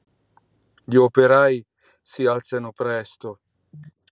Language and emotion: Italian, sad